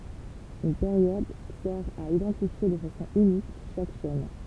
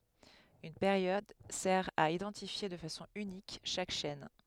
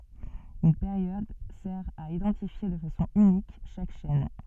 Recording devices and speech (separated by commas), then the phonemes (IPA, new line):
temple vibration pickup, headset microphone, soft in-ear microphone, read sentence
yn peʁjɔd sɛʁ a idɑ̃tifje də fasɔ̃ ynik ʃak ʃɛn